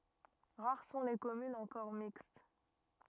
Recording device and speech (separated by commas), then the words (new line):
rigid in-ear microphone, read sentence
Rares sont les communes encore mixtes.